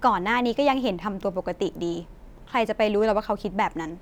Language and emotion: Thai, frustrated